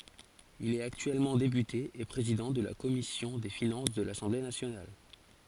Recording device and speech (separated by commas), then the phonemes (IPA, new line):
forehead accelerometer, read sentence
il ɛt aktyɛlmɑ̃ depyte e pʁezidɑ̃ də la kɔmisjɔ̃ de finɑ̃s də lasɑ̃ble nasjonal